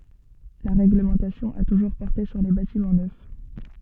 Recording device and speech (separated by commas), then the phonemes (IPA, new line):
soft in-ear microphone, read sentence
la ʁɛɡləmɑ̃tasjɔ̃ a tuʒuʁ pɔʁte syʁ le batimɑ̃ nœf